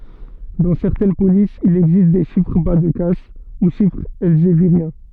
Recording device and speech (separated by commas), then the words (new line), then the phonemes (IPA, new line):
soft in-ear microphone, read sentence
Dans certaines polices, il existe des chiffres bas-de-casse, ou chiffres elzéviriens.
dɑ̃ sɛʁtɛn polisz il ɛɡzist de ʃifʁ ba də kas u ʃifʁz ɛlzeviʁjɛ̃